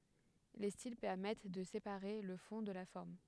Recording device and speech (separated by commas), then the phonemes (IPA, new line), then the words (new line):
headset microphone, read sentence
le stil pɛʁmɛt də sepaʁe lə fɔ̃ də la fɔʁm
Les styles permettent de séparer le fond de la forme.